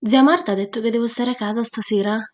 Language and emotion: Italian, surprised